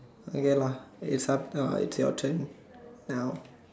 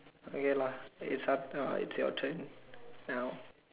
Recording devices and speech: standing microphone, telephone, conversation in separate rooms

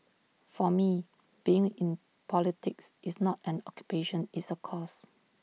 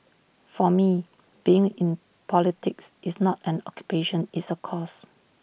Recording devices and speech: mobile phone (iPhone 6), boundary microphone (BM630), read sentence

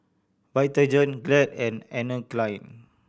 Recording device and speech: boundary microphone (BM630), read sentence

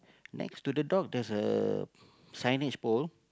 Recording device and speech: close-talking microphone, conversation in the same room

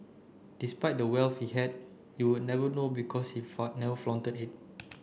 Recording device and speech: boundary microphone (BM630), read sentence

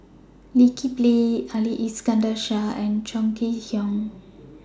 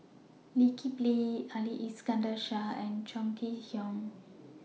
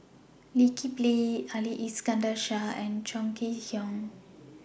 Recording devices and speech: standing microphone (AKG C214), mobile phone (iPhone 6), boundary microphone (BM630), read sentence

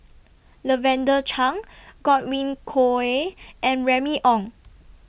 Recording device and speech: boundary microphone (BM630), read sentence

